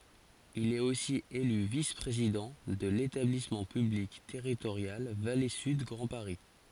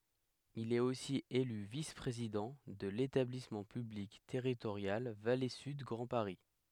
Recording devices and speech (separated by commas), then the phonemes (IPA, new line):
forehead accelerometer, headset microphone, read sentence
il ɛt osi ely vis pʁezidɑ̃ də letablismɑ̃ pyblik tɛʁitoʁjal vale syd ɡʁɑ̃ paʁi